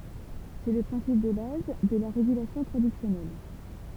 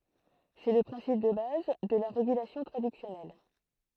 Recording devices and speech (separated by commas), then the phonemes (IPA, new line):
temple vibration pickup, throat microphone, read sentence
sɛ lə pʁɛ̃sip də baz də la ʁeɡylasjɔ̃ tʁadyksjɔnɛl